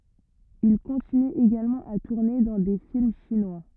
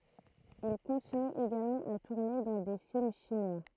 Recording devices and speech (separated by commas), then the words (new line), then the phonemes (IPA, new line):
rigid in-ear microphone, throat microphone, read sentence
Il continue également à tourner dans des films chinois.
il kɔ̃tiny eɡalmɑ̃ a tuʁne dɑ̃ de film ʃinwa